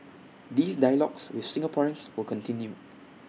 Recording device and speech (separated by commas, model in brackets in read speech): mobile phone (iPhone 6), read sentence